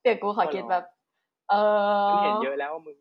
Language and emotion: Thai, happy